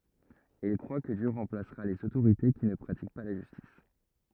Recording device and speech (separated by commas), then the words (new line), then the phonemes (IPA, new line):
rigid in-ear microphone, read sentence
Et il croit que Dieu remplacera les autorités qui ne pratiquent pas la justice.
e il kʁwa kə djø ʁɑ̃plasʁa lez otoʁite ki nə pʁatik pa la ʒystis